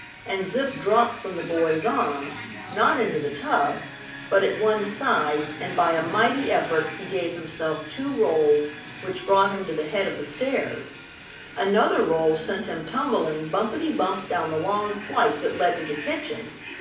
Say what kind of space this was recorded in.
A medium-sized room (about 5.7 m by 4.0 m).